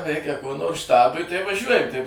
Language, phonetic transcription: Lithuanian, ˈreikia ko nors ˈštabui tai vaˈžiuojam tai

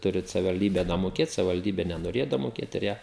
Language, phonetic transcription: Lithuanian, ˈturit savivalˈdybe damoˈkėt savivalˈdybe nenoˈrėja damoˈkėt ir ˈjie

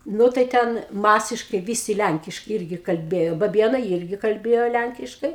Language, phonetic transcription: Lithuanian, ˈnu tai ˈten ˈmasiškai ˈvysi ˈlænkiškai ˈirgi kalˈbėjo baˈbienai ˈirgi kalˈbėjo ˈlænkiškai

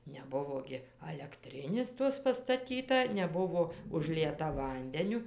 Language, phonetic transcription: Lithuanian, neˈbuvo gi alekˈtrinės ˈtos pastaˈtyta neˈbuvo užˈlieta ˈvandeniu

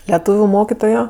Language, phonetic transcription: Lithuanian, leˈtūviu ˈmokitojo

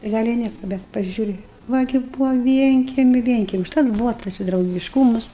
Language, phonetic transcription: Lithuanian, tai ˈgal' i ˈnieka bet pasiˈžiūri ˈva gi ˈbūva ˈvienkemiu ˈvienkemiai užˈtat ˈbūva ˈtas i draugišˈkūmas

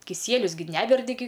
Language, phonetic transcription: Lithuanian, kiˈsielius gi ˈneverdi gi

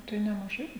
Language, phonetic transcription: Lithuanian, ˈtai nemaˈžai

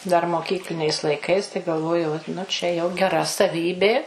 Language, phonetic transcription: Lithuanian, dar moˈkykliniais laiˈkais tai galˈvojau ot nu ˈčia jau geˈra saˈvybė

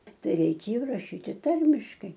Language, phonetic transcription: Lithuanian, ˈtai reiˈkėjo raˈšyti ˈtarmiškai

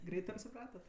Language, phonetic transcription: Lithuanian, ˈgreit apsiˈpratat

